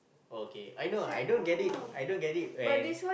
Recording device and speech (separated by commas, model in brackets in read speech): boundary microphone, conversation in the same room